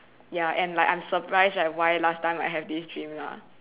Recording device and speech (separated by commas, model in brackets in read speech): telephone, conversation in separate rooms